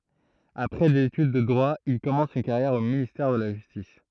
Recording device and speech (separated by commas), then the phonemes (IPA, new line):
throat microphone, read sentence
apʁɛ dez etyd də dʁwa il kɔmɑ̃s yn kaʁjɛʁ o ministɛʁ də la ʒystis